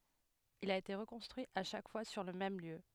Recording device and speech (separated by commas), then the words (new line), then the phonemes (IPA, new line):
headset microphone, read sentence
Il a été reconstruit à chaque fois sur le même lieu.
il a ete ʁəkɔ̃stʁyi a ʃak fwa syʁ lə mɛm ljø